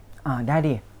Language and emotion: Thai, neutral